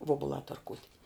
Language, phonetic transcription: Lithuanian, ˈvobulā tarˈkūt'

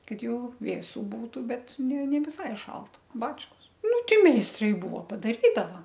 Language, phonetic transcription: Lithuanian, ˈkad ˈjau ˈvėsu ˈbūtu ˈbet ne ne viˈsai ˈšalt ˈbačkos ˈnu ˈti meisˈtrai ˈbuvo padaˈrydava

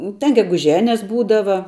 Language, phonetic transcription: Lithuanian, ten geguˈženes ˈbūdava

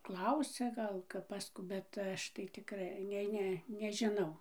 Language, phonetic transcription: Lithuanian, ˈklausia ˈgal kap pas ˈkų bet ˈaš tai tikˈrai ˈnei ˈne nežiˈnau

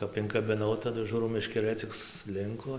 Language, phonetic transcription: Lithuanian, ˈkap inkabiˈnau taˈdu ˈžūrau meškeˈrɘ cik suˈlinko

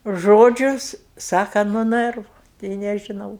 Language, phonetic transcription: Lithuanian, ˈžodžiu ˈsaka nu ˈnɜrvu tei nežiˈnau

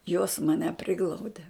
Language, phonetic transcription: Lithuanian, jos maˈne ˈpriglaude

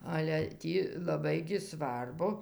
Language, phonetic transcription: Lithuanian, ˈale ˈtį laˈbai gi ˈsvarbu

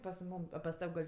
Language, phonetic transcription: Lithuanian, pas ˈmūm a pas ˈtav' gal'

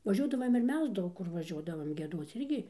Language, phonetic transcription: Lithuanian, vaˈžiuodavam ir ˈmes ˈdaug kur vaˈžiuodavam gieˈduoc ˈirgi

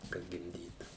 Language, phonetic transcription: Lithuanian, kad gimˈdytų

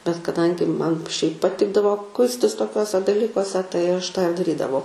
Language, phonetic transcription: Lithuanian, bet kaˈdangi ˈman šiaip paˈtikdavo ˈkuistis toˈkiuose daˈlykuose tai ˈaš tą ir daˈrydavau

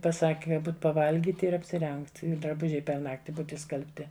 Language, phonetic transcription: Lithuanian, paˈsaki ka ˈbūt paˈvalgyt ir apsiˈrengt i draˈbužiai per ˈnakti ˈbūt išskalbˈti

